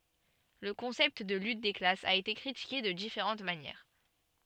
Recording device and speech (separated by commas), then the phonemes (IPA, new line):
soft in-ear microphone, read sentence
lə kɔ̃sɛpt də lyt de klasz a ete kʁitike də difeʁɑ̃t manjɛʁ